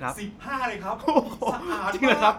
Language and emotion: Thai, happy